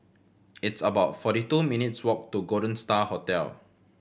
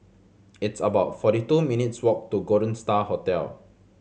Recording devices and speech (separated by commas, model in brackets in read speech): boundary microphone (BM630), mobile phone (Samsung C7100), read sentence